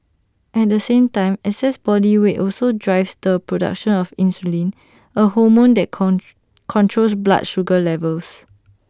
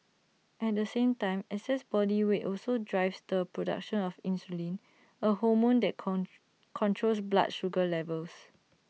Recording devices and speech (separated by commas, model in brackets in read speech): standing microphone (AKG C214), mobile phone (iPhone 6), read sentence